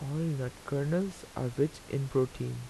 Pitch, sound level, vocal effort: 135 Hz, 81 dB SPL, soft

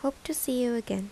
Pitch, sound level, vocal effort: 250 Hz, 77 dB SPL, soft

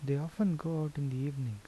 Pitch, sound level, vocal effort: 145 Hz, 76 dB SPL, soft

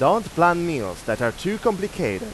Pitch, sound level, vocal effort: 175 Hz, 94 dB SPL, loud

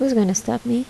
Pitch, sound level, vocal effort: 240 Hz, 75 dB SPL, soft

